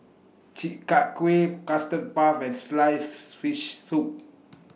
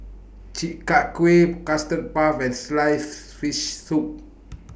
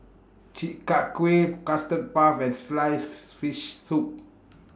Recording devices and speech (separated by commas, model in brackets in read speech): mobile phone (iPhone 6), boundary microphone (BM630), standing microphone (AKG C214), read sentence